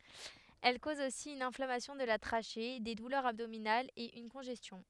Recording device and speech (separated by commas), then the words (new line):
headset microphone, read sentence
Elle cause aussi une inflammation de la trachée, des douleurs abdominales et une congestion.